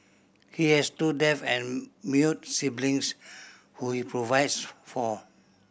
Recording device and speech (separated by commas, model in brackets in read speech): boundary microphone (BM630), read sentence